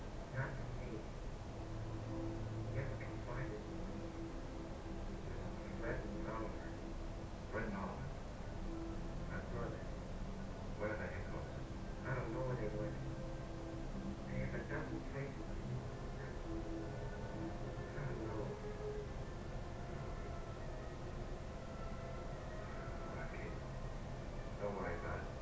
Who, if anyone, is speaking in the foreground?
No one.